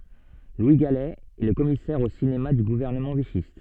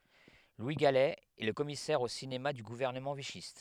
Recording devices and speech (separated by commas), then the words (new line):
soft in-ear microphone, headset microphone, read sentence
Louis Galey est le commissaire au cinéma du gouvernement vichyste.